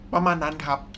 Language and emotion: Thai, neutral